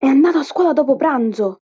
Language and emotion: Italian, surprised